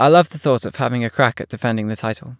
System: none